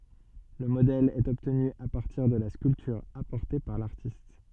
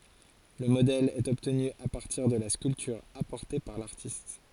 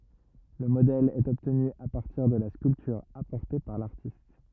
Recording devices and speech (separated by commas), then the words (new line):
soft in-ear microphone, forehead accelerometer, rigid in-ear microphone, read sentence
Le modèle est obtenu à partir de la sculpture apportée par l'artiste.